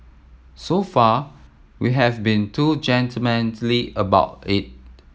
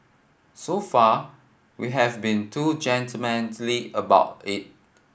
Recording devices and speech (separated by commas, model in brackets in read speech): mobile phone (iPhone 7), boundary microphone (BM630), read sentence